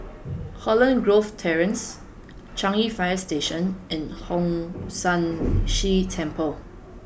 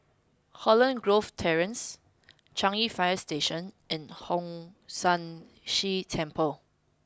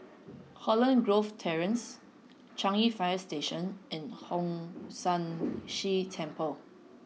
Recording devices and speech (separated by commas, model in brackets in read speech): boundary microphone (BM630), close-talking microphone (WH20), mobile phone (iPhone 6), read sentence